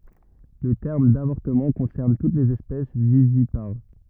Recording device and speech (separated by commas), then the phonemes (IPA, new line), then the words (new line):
rigid in-ear microphone, read sentence
lə tɛʁm davɔʁtəmɑ̃ kɔ̃sɛʁn tut lez ɛspɛs vivipaʁ
Le terme d'avortement concerne toutes les espèces vivipares.